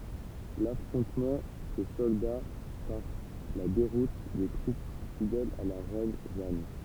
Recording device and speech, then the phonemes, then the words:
temple vibration pickup, read sentence
lafʁɔ̃tmɑ̃ sə sɔlda paʁ la deʁut de tʁup fidɛlz a la ʁɛn ʒan
L’affrontement se solda par la déroute des troupes fidèles à la reine Jeanne.

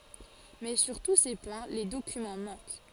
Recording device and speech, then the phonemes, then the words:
forehead accelerometer, read sentence
mɛ syʁ tu se pwɛ̃ le dokymɑ̃ mɑ̃k
Mais sur tous ces points, les documents manquent.

